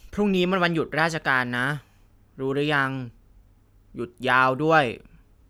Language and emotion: Thai, frustrated